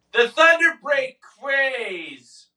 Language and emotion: English, disgusted